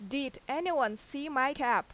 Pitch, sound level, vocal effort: 270 Hz, 90 dB SPL, very loud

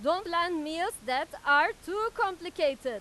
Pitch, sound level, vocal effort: 340 Hz, 101 dB SPL, very loud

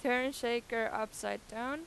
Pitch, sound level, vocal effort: 235 Hz, 92 dB SPL, loud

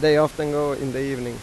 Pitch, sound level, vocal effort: 145 Hz, 91 dB SPL, normal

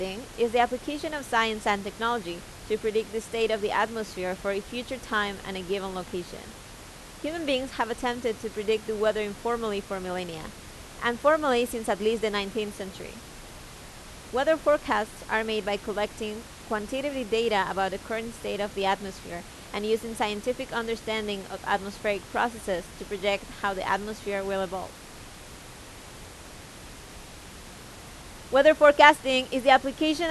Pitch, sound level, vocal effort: 220 Hz, 89 dB SPL, loud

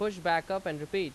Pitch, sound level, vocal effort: 190 Hz, 93 dB SPL, very loud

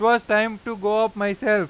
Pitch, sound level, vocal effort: 215 Hz, 99 dB SPL, very loud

